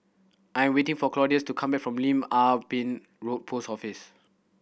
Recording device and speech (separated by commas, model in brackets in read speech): boundary microphone (BM630), read sentence